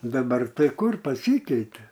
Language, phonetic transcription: Lithuanian, daˈbar ˈtai ˈkur paˈsykeite

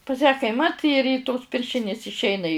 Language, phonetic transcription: Lithuanian, pas ją kaiˈmat ir y tos ˈpiršinis išˈeina i

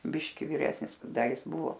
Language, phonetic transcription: Lithuanian, ˈbiški viˈresnis ˈda ˈjis ˈbuvo

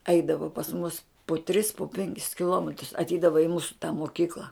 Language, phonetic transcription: Lithuanian, ˈeidavo pas mus pu tris pu ˈpenkis kiˈlometrus atˈeidava i ˈmūsu tą moˈkykla

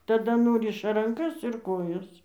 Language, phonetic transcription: Lithuanian, taˈda ˈnuriša ranˈkas ir ˈkojas

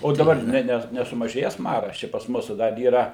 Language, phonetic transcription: Lithuanian, o daˈbar ˈne ˈne nesumaˈžėjes ˈmaras ˈčia pas ˈmūsu dar yˈra

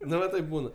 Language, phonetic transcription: Lithuanian, ˈnu va ˈtaip ˈbūna

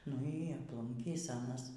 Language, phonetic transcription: Lithuanian, nu y apˈlunkys ˈanas

